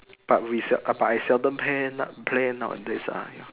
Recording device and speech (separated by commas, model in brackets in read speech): telephone, conversation in separate rooms